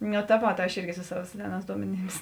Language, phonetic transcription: Lithuanian, niu ta ˈvot ˈaš ˈirgi su ˈsava ˈseˌnās ˈduomeˌnyms

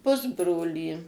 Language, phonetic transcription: Lithuanian, ˈpusbrolį

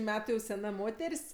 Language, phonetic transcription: Lithuanian, ˈmetu jau seˈna ˈmoter's'

